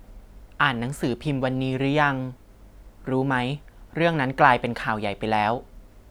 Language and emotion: Thai, neutral